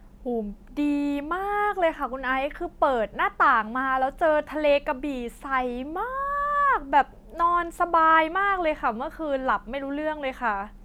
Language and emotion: Thai, happy